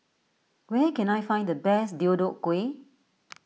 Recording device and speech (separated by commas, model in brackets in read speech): mobile phone (iPhone 6), read sentence